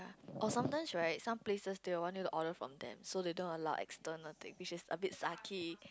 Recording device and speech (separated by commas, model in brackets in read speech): close-talking microphone, conversation in the same room